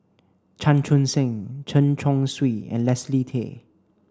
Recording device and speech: standing microphone (AKG C214), read sentence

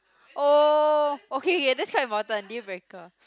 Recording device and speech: close-talking microphone, conversation in the same room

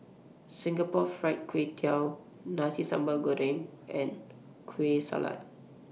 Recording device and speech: mobile phone (iPhone 6), read sentence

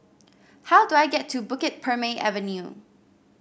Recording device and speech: boundary microphone (BM630), read sentence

